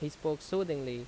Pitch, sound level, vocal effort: 150 Hz, 85 dB SPL, loud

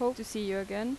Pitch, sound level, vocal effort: 220 Hz, 85 dB SPL, normal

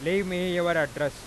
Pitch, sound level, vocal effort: 175 Hz, 98 dB SPL, very loud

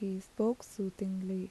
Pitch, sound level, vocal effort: 195 Hz, 77 dB SPL, soft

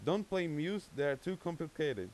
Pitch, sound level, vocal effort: 165 Hz, 92 dB SPL, very loud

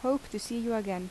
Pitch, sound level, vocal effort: 225 Hz, 80 dB SPL, normal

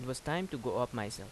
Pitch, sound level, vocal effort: 125 Hz, 84 dB SPL, normal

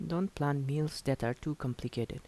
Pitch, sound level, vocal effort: 145 Hz, 77 dB SPL, soft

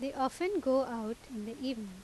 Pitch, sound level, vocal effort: 260 Hz, 83 dB SPL, normal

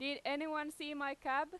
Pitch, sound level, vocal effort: 290 Hz, 95 dB SPL, very loud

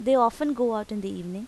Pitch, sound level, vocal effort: 230 Hz, 87 dB SPL, normal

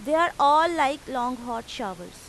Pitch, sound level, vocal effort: 265 Hz, 94 dB SPL, very loud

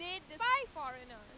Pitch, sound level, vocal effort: 345 Hz, 101 dB SPL, very loud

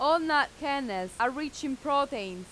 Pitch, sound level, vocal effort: 280 Hz, 95 dB SPL, very loud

